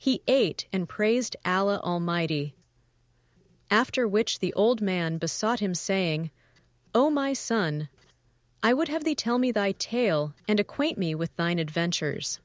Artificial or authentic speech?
artificial